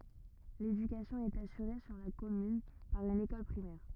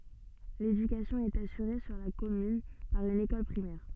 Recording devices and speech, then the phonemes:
rigid in-ear microphone, soft in-ear microphone, read sentence
ledykasjɔ̃ ɛt asyʁe syʁ la kɔmyn paʁ yn ekɔl pʁimɛʁ

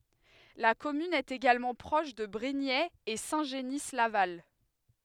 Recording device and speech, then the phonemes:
headset microphone, read sentence
la kɔmyn ɛt eɡalmɑ̃ pʁɔʃ də bʁiɲɛz e sɛ̃ ʒəni laval

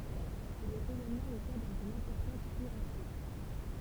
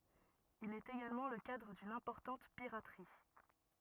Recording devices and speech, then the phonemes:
temple vibration pickup, rigid in-ear microphone, read sentence
il ɛt eɡalmɑ̃ lə kadʁ dyn ɛ̃pɔʁtɑ̃t piʁatʁi

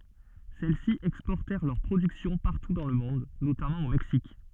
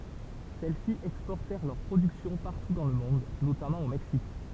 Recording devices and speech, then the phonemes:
soft in-ear microphone, temple vibration pickup, read sentence
sɛlɛsi ɛkspɔʁtɛʁ lœʁ pʁodyksjɔ̃ paʁtu dɑ̃ lə mɔ̃d notamɑ̃ o mɛksik

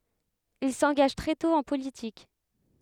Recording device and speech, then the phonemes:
headset microphone, read sentence
il sɑ̃ɡaʒ tʁɛ tɔ̃ ɑ̃ politik

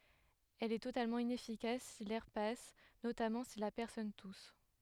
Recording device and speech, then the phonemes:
headset microphone, read sentence
ɛl ɛ totalmɑ̃ inɛfikas si lɛʁ pas notamɑ̃ si la pɛʁsɔn tus

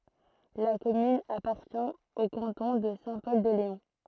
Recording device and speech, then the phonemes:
throat microphone, read sentence
la kɔmyn apaʁtjɛ̃ o kɑ̃tɔ̃ də sɛ̃ pɔl də leɔ̃

